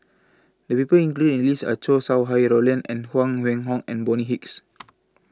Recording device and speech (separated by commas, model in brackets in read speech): close-talking microphone (WH20), read sentence